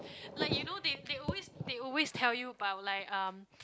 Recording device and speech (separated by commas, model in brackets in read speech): close-talking microphone, conversation in the same room